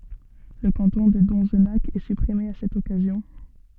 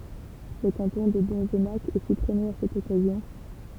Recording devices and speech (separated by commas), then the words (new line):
soft in-ear microphone, temple vibration pickup, read sentence
Le canton de Donzenac est supprimé à cette occasion.